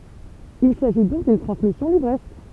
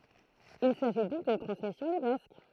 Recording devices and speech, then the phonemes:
temple vibration pickup, throat microphone, read sentence
il saʒi dɔ̃k dyn tʁɑ̃smisjɔ̃ livʁɛsk

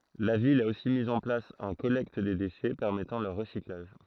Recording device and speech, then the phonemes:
throat microphone, read sentence
la vil a osi miz ɑ̃ plas œ̃ kɔlɛkt de deʃɛ pɛʁmɛtɑ̃ lœʁ ʁəsiklaʒ

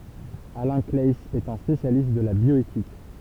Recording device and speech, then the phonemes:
temple vibration pickup, read sentence
alɛ̃ klaɛiz ɛt œ̃ spesjalist də la bjɔetik

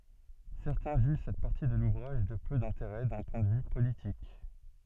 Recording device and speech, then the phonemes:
soft in-ear microphone, read sentence
sɛʁtɛ̃ ʒyʒ sɛt paʁti də luvʁaʒ də pø dɛ̃teʁɛ dœ̃ pwɛ̃ də vy politik

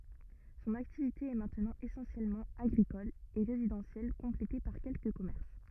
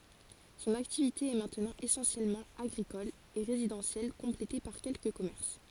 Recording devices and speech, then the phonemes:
rigid in-ear microphone, forehead accelerometer, read sentence
sɔ̃n aktivite ɛ mɛ̃tnɑ̃ esɑ̃sjɛlmɑ̃ aɡʁikɔl e ʁezidɑ̃sjɛl kɔ̃plete paʁ kɛlkə kɔmɛʁs

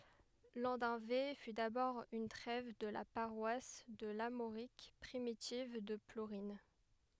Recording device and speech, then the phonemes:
headset microphone, read sentence
lɑ̃dœ̃ve fy dabɔʁ yn tʁɛv də la paʁwas də laʁmoʁik pʁimitiv də pluʁɛ̃

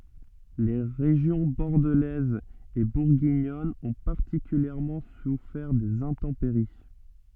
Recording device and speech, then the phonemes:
soft in-ear microphone, read sentence
le ʁeʒjɔ̃ bɔʁdəlɛz e buʁɡiɲɔn ɔ̃ paʁtikyljɛʁmɑ̃ sufɛʁ dez ɛ̃tɑ̃peʁi

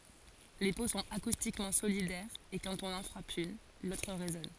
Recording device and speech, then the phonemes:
forehead accelerometer, read sentence
le po sɔ̃t akustikmɑ̃ solidɛʁz e kɑ̃t ɔ̃n ɑ̃ fʁap yn lotʁ ʁezɔn

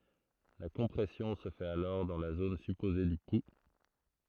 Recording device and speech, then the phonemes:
throat microphone, read sentence
la kɔ̃pʁɛsjɔ̃ sə fɛt alɔʁ dɑ̃ la zon sypoze dy pu

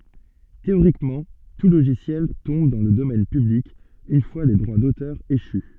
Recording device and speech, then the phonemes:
soft in-ear microphone, read sentence
teoʁikmɑ̃ tu loʒisjɛl tɔ̃b dɑ̃ lə domɛn pyblik yn fwa le dʁwa dotœʁ eʃy

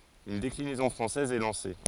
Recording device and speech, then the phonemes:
forehead accelerometer, read sentence
yn deklinɛzɔ̃ fʁɑ̃sɛz ɛ lɑ̃se

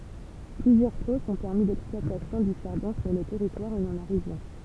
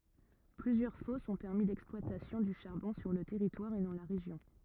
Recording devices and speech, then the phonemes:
temple vibration pickup, rigid in-ear microphone, read sentence
plyzjœʁ fɔsz ɔ̃ pɛʁmi lɛksplwatasjɔ̃ dy ʃaʁbɔ̃ syʁ lə tɛʁitwaʁ e dɑ̃ la ʁeʒjɔ̃

